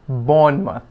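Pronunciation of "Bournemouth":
'Bournemouth' is pronounced correctly here.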